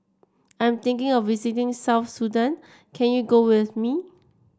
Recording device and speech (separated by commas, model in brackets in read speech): standing microphone (AKG C214), read sentence